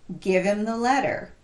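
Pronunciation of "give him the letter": In 'give him the letter', 'him' is reduced and linked to the word before it, 'give'.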